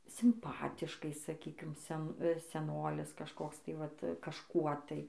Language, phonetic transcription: Lithuanian, simˈpatiškai saˈkykim ˈsen seˈnolis kažˈkoks tai ˈvat kažˈkuo tai

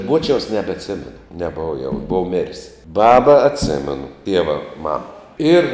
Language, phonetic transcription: Lithuanian, ˈbuočiaus nebetˈsemenu neˈbova jau ˈbov mir's' ˈbaba atˈsemenu ˈtieva ˈmama ˈir

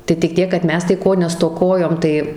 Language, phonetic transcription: Lithuanian, tai tik ˈtiek kad ˈmes tai ˈko nestoˈkojom ˈtai

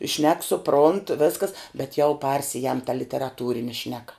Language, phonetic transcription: Lithuanian, šnek suˈpront ˈveskas bet jau ˈparsijam ta literaˈtūrini ˈšneka

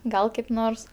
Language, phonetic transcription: Lithuanian, ˈgal kaip ˈnors

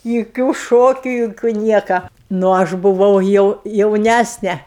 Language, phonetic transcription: Lithuanian, juˈkių ˈšokiu juˈkių ˈnieka nu ˈaš buˈvau jau jauˈnæsne

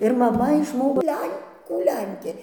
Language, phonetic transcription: Lithuanian, ir maˈma išˈmoko ˈlenkų ˈlenkė

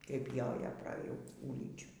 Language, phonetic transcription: Lithuanian, kaip ˈjojo pra ˈjų ˈgūlinčių

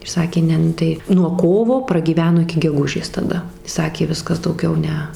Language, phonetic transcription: Lithuanian, ir ˈsakė ˈne ˈnu tai nuo ˈkovo pragyˈveno iki geˈgužės taˈda ˈsakė ˈviskas dauˈgiau ˈne

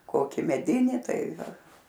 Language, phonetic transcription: Lithuanian, ˈkoki meˈdini ˈtai ˈva

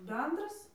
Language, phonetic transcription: Lithuanian, ˈbendras

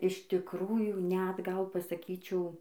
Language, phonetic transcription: Lithuanian, iš tikˈrųjų net ˈgal pasaˈkyčiau

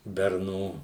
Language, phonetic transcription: Lithuanian, berˈnų

